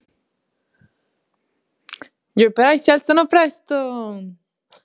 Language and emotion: Italian, happy